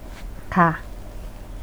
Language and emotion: Thai, neutral